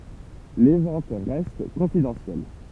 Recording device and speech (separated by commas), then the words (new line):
temple vibration pickup, read sentence
Les ventes restent confidentielles.